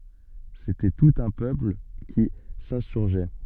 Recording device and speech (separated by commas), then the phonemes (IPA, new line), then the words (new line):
soft in-ear microphone, read sentence
setɛ tut œ̃ pøpl ki sɛ̃syʁʒɛ
C’était tout un peuple qui s’insurgeait.